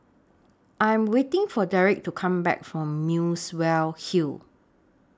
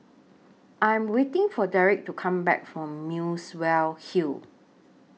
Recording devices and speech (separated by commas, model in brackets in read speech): standing microphone (AKG C214), mobile phone (iPhone 6), read sentence